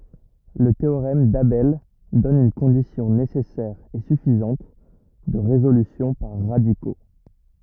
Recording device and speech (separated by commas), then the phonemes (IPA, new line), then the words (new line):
rigid in-ear microphone, read sentence
lə teoʁɛm dabɛl dɔn yn kɔ̃disjɔ̃ nesɛsɛʁ e syfizɑ̃t də ʁezolysjɔ̃ paʁ ʁadiko
Le théorème d'Abel donne une condition nécessaire et suffisante de résolution par radicaux.